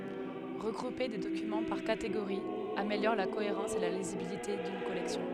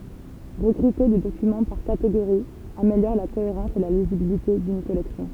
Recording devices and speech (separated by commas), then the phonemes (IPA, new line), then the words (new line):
headset microphone, temple vibration pickup, read sentence
ʁəɡʁupe de dokymɑ̃ paʁ kateɡoʁiz ameljɔʁ la koeʁɑ̃s e la lizibilite dyn kɔlɛksjɔ̃
Regrouper des documents par catégories améliore la cohérence et la lisibilité d'une collection.